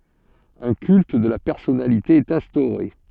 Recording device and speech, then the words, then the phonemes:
soft in-ear microphone, read sentence
Un culte de la personnalité est instauré.
œ̃ kylt də la pɛʁsɔnalite ɛt ɛ̃stoʁe

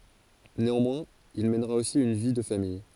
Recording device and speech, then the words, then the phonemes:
forehead accelerometer, read sentence
Néanmoins, il mènera aussi une vie de famille.
neɑ̃mwɛ̃z il mɛnʁa osi yn vi də famij

